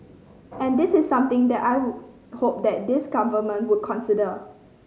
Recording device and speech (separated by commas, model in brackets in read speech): mobile phone (Samsung C5010), read sentence